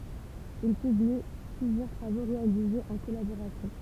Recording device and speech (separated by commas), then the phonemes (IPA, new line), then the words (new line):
temple vibration pickup, read sentence
il pybli plyzjœʁ tʁavo ʁealizez ɑ̃ kɔlaboʁasjɔ̃
Ils publient plusieurs travaux réalisés en collaboration.